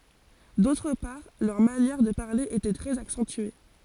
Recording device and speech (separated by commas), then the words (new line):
forehead accelerometer, read sentence
D'autre part, leur manière de parler était très accentuée.